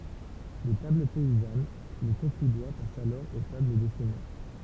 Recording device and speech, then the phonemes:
temple vibration pickup, read sentence
de tabl pɛizan lə kɔ̃fi dwa pas alɔʁ o tabl de sɛɲœʁ

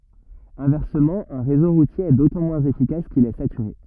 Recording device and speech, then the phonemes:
rigid in-ear microphone, read sentence
ɛ̃vɛʁsəmɑ̃ œ̃ ʁezo ʁutje ɛ dotɑ̃ mwɛ̃z efikas kil ɛ satyʁe

